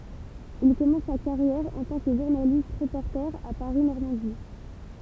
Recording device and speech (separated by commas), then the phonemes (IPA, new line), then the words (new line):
temple vibration pickup, read sentence
il kɔmɑ̃s sa kaʁjɛʁ ɑ̃ tɑ̃ kə ʒuʁnalist ʁəpɔʁte a paʁi nɔʁmɑ̃di
Il commence sa carrière en tant que journaliste-reporter à Paris Normandie.